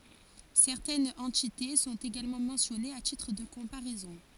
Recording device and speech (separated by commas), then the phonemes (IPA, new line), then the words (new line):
forehead accelerometer, read sentence
sɛʁtɛnz ɑ̃tite sɔ̃t eɡalmɑ̃ mɑ̃sjɔnez a titʁ də kɔ̃paʁɛzɔ̃
Certaines entités sont également mentionnées à titre de comparaison.